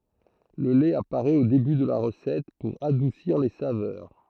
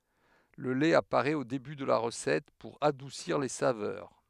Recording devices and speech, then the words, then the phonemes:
throat microphone, headset microphone, read sentence
Le lait apparaît au début de la recette pour adoucir les saveurs.
lə lɛt apaʁɛt o deby də la ʁəsɛt puʁ adusiʁ le savœʁ

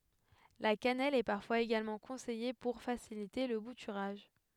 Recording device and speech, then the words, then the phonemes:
headset microphone, read sentence
La cannelle est parfois également conseillée pour faciliter le bouturage.
la kanɛl ɛ paʁfwaz eɡalmɑ̃ kɔ̃sɛje puʁ fasilite lə butyʁaʒ

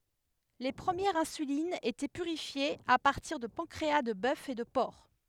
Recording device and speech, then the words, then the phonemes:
headset microphone, read sentence
Les premières insulines étaient purifiées à partir de pancréas de bœuf et de porc.
le pʁəmjɛʁz ɛ̃sylinz etɛ pyʁifjez a paʁtiʁ də pɑ̃kʁea də bœf e də pɔʁk

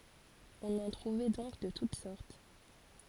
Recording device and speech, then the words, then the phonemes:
forehead accelerometer, read sentence
On en trouvait donc de toutes sortes.
ɔ̃n ɑ̃ tʁuvɛ dɔ̃k də tut sɔʁt

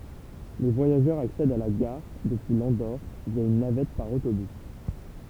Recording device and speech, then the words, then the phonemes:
temple vibration pickup, read sentence
Les voyageurs accèdent à la gare depuis l'Andorre via une navette par autobus.
le vwajaʒœʁz aksɛdt a la ɡaʁ dəpyi lɑ̃doʁ vja yn navɛt paʁ otobys

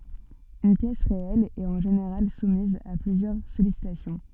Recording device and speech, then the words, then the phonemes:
soft in-ear microphone, read sentence
Une pièce réelle est en général soumise à plusieurs sollicitations.
yn pjɛs ʁeɛl ɛt ɑ̃ ʒeneʁal sumiz a plyzjœʁ sɔlisitasjɔ̃

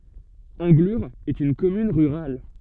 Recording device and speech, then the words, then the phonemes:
soft in-ear microphone, read sentence
Anglure est une commune rurale.
ɑ̃ɡlyʁ ɛt yn kɔmyn ʁyʁal

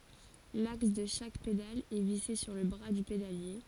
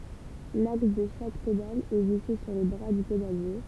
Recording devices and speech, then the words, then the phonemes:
forehead accelerometer, temple vibration pickup, read sentence
L'axe de chaque pédale est vissé sur le bras du pédalier.
laks də ʃak pedal ɛ vise syʁ lə bʁa dy pedalje

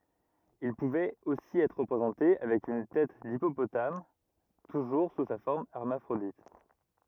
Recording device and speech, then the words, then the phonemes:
rigid in-ear microphone, read sentence
Il pouvait aussi être représenté avec une tête d'hippopotame, toujours sous sa forme hermaphrodite.
il puvɛt osi ɛtʁ ʁəpʁezɑ̃te avɛk yn tɛt dipopotam tuʒuʁ su sa fɔʁm ɛʁmafʁodit

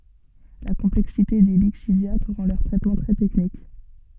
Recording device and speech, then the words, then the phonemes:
soft in-ear microphone, read sentence
La complexité des lixiviats rend leur traitement très technique.
la kɔ̃plɛksite de liksivja ʁɑ̃ lœʁ tʁɛtmɑ̃ tʁɛ tɛknik

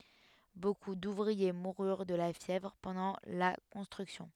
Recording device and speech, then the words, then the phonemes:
headset microphone, read sentence
Beaucoup d'ouvriers moururent de la fièvre pendant la construction.
boku duvʁie muʁyʁ də la fjɛvʁ pɑ̃dɑ̃ la kɔ̃stʁyksjɔ̃

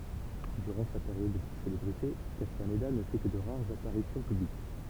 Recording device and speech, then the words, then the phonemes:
temple vibration pickup, read sentence
Durant sa période de célébrité, Castaneda ne fait que de rares apparitions publiques.
dyʁɑ̃ sa peʁjɔd də selebʁite kastanda nə fɛ kə də ʁaʁz apaʁisjɔ̃ pyblik

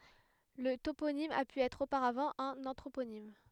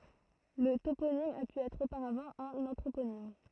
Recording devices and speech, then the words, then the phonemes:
headset microphone, throat microphone, read sentence
Le toponyme a pu être auparavant un anthroponyme.
lə toponim a py ɛtʁ opaʁavɑ̃ œ̃n ɑ̃tʁoponim

